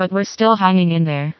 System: TTS, vocoder